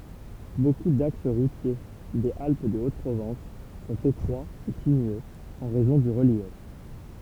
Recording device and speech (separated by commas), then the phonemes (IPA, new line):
temple vibration pickup, read sentence
boku daks ʁutje dez alp də ot pʁovɑ̃s sɔ̃t etʁwaz e sinyøz ɑ̃ ʁɛzɔ̃ dy ʁəljɛf